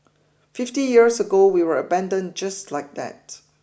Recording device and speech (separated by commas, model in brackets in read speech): boundary microphone (BM630), read sentence